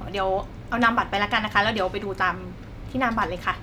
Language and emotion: Thai, neutral